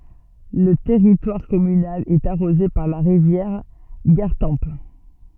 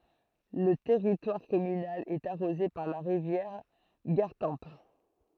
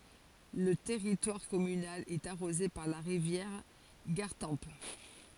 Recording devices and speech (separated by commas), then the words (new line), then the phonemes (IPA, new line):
soft in-ear microphone, throat microphone, forehead accelerometer, read sentence
Le territoire communal est arrosé par la rivière Gartempe.
lə tɛʁitwaʁ kɔmynal ɛt aʁoze paʁ la ʁivjɛʁ ɡaʁtɑ̃p